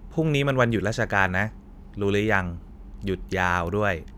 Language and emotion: Thai, frustrated